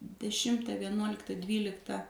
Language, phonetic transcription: Lithuanian, deˈšimta vieˈnuolikta ˈdvylikta

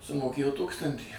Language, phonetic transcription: Lithuanian, sumoˈkėjo ˈtūkstantį

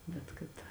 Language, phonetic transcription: Lithuanian, ˈbet kad

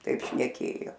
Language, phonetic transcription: Lithuanian, ˈtaip šneˈkėjo

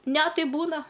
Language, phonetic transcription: Lithuanian, ˈne ˈtai ˈbūna

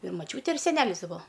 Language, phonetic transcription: Lithuanian, ir maˈčiūtė ir seˈnelis ti ˈbuo

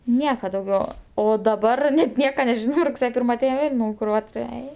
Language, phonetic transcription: Lithuanian, ˈnieka dauˈgiau o daˈbar net ˈnieka neˈžino rugˈsėje ˈpyrma aˈtein ˈvėl' ˈnauj kuˈrature ˈei

